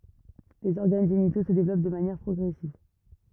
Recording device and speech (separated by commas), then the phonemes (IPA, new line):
rigid in-ear microphone, read sentence
lez ɔʁɡan ʒenito sə devlɔp də manjɛʁ pʁɔɡʁɛsiv